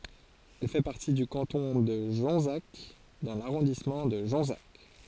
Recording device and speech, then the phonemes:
forehead accelerometer, read sentence
ɛl fɛ paʁti dy kɑ̃tɔ̃ də ʒɔ̃zak dɑ̃ laʁɔ̃dismɑ̃ də ʒɔ̃zak

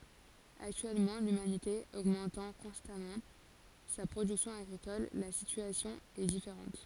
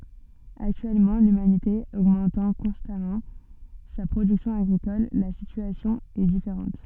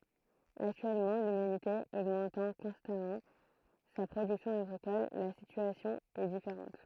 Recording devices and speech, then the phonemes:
forehead accelerometer, soft in-ear microphone, throat microphone, read sentence
aktyɛlmɑ̃ lymanite oɡmɑ̃tɑ̃ kɔ̃stamɑ̃ sa pʁodyksjɔ̃ aɡʁikɔl la sityasjɔ̃ ɛ difeʁɑ̃t

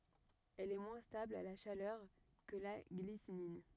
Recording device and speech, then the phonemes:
rigid in-ear microphone, read sentence
ɛl ɛ mwɛ̃ stabl a la ʃalœʁ kə la ɡlisinin

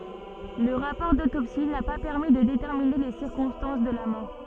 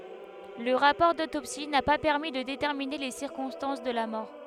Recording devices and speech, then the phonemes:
soft in-ear microphone, headset microphone, read sentence
lə ʁapɔʁ dotopsi na pa pɛʁmi də detɛʁmine le siʁkɔ̃stɑ̃s də la mɔʁ

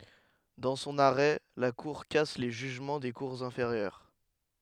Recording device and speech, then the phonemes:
headset microphone, read sentence
dɑ̃ sɔ̃n aʁɛ la kuʁ kas le ʒyʒmɑ̃ de kuʁz ɛ̃feʁjœʁ

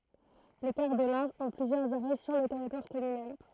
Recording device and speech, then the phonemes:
throat microphone, read sentence
le kaʁ də lɛ̃ ɔ̃ plyzjœʁz aʁɛ syʁ lə tɛʁitwaʁ kɔmynal

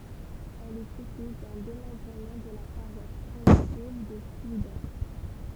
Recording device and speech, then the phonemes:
temple vibration pickup, read sentence
ɛl ɛt isy dœ̃ demɑ̃bʁəmɑ̃ də la paʁwas pʁimitiv də plwide

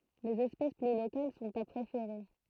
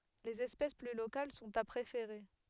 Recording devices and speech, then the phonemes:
throat microphone, headset microphone, read sentence
lez ɛspɛs ply lokal sɔ̃t a pʁefeʁe

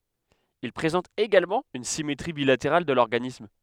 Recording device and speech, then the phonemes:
headset microphone, read sentence
il pʁezɑ̃tt eɡalmɑ̃ yn simetʁi bilateʁal də lɔʁɡanism

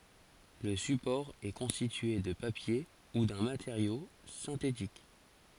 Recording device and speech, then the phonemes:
forehead accelerometer, read sentence
lə sypɔʁ ɛ kɔ̃stitye də papje u dœ̃ mateʁjo sɛ̃tetik

